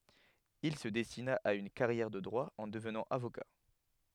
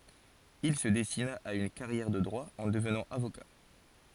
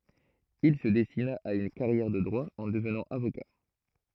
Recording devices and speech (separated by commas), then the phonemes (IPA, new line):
headset microphone, forehead accelerometer, throat microphone, read sentence
il sə dɛstina a yn kaʁjɛʁ də dʁwa ɑ̃ dəvnɑ̃ avoka